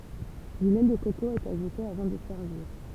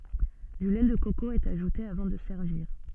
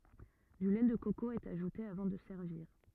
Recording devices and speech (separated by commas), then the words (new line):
temple vibration pickup, soft in-ear microphone, rigid in-ear microphone, read sentence
Du lait de coco est ajouté avant de servir.